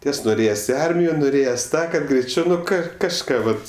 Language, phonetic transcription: Lithuanian, ˈties nuˈrėjes' i ˈarmijo nuˈrėjes ˈtą kad greiˈčiau nu ˈką kažˈką vat

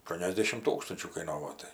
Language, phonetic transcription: Lithuanian, aˈštuoniasdešim ˈtūkstančių kaiˈnovo ˈtai

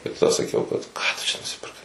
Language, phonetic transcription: Lithuanian, tai taˈda saˈkiau kad ˈką tu ˈčia nusipirˈkai

